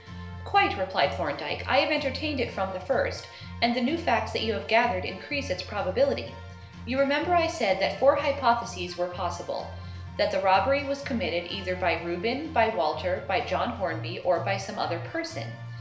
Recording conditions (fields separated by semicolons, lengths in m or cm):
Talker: one person; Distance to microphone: 1.0 m; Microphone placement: close; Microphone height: 1.1 m; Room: small (3.7 m by 2.7 m); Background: music